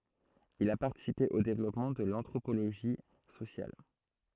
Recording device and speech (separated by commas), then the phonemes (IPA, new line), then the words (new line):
throat microphone, read sentence
il a paʁtisipe o devlɔpmɑ̃ də l ɑ̃tʁopoloʒi sosjal
Il a participé au développement de l'anthropologie sociale.